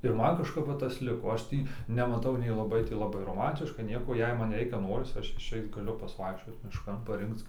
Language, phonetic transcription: Lithuanian, ir ˈman kažˈkap ˈva ˈtas ˈliko ˈaš ˈtį nemaˈtau nei laˈbai ti laˈbai roˈmantiška ˈnieko jei ˈman ˈreikia ˈnoris ˈaš išˈeit gaˈliu pasiˈvaikščiot mišˈkan paˈrinkc

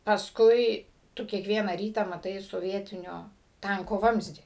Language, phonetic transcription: Lithuanian, paˈskui ˈtu kiekˈviena ˈrytą maˈtai soˈvietinio ˈtanko ˈvamzdį

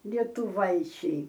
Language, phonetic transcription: Lithuanian, lietuˈvaičiai

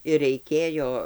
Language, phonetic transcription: Lithuanian, ir reiˈkėjo

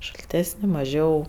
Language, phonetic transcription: Lithuanian, šalˈtesni maˈžiau

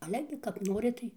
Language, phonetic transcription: Lithuanian, ˈale gi kap ˈnori ˈtai

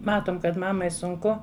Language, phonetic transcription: Lithuanian, ˈmatom kad ˈmamai sunˈku

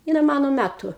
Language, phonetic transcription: Lithuanian, ˈjinai ˈmano ˈmætu

